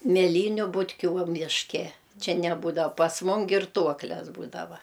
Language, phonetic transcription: Lithuanian, mėˈlyniu butˈkių va mišˈke ˈčia neˈbūdav pas ˈmum girˈtuokles ˈbūdava

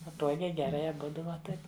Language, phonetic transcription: Lithuanian, paˈtuogiai geˈrai aˈbudu va ˈtaip

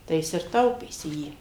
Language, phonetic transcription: Lithuanian, tai ˈjis ir ˈtaupėsi ˈjį

